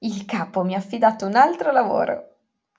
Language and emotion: Italian, happy